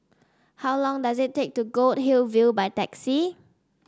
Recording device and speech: standing microphone (AKG C214), read sentence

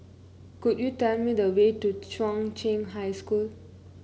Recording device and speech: mobile phone (Samsung C9), read sentence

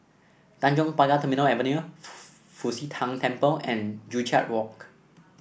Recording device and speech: boundary microphone (BM630), read sentence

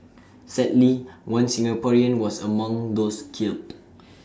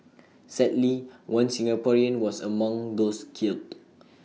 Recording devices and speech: standing microphone (AKG C214), mobile phone (iPhone 6), read sentence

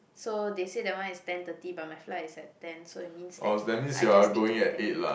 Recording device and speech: boundary microphone, conversation in the same room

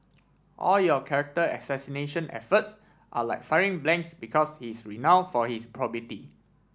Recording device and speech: standing microphone (AKG C214), read sentence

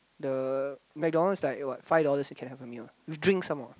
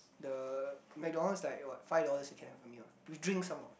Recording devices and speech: close-talking microphone, boundary microphone, conversation in the same room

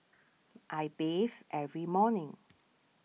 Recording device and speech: mobile phone (iPhone 6), read sentence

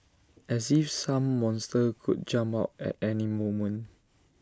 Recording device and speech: standing microphone (AKG C214), read sentence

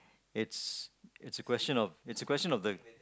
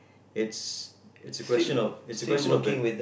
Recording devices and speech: close-talking microphone, boundary microphone, conversation in the same room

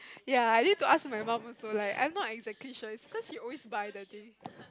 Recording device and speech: close-talking microphone, conversation in the same room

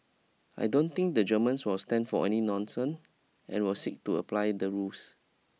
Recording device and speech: mobile phone (iPhone 6), read sentence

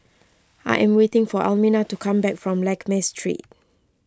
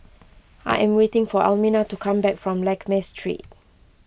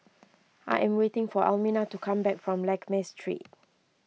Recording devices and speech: close-talking microphone (WH20), boundary microphone (BM630), mobile phone (iPhone 6), read sentence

